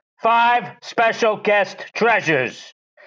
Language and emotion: English, disgusted